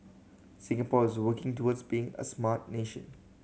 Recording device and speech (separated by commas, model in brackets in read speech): mobile phone (Samsung C7100), read sentence